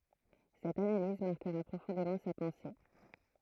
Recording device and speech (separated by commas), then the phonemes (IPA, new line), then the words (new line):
throat microphone, read sentence
sɛt analiz maʁkəʁa pʁofɔ̃demɑ̃ sa pɑ̃se
Cette analyse marquera profondément sa pensée.